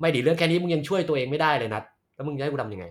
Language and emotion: Thai, frustrated